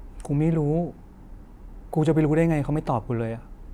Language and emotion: Thai, frustrated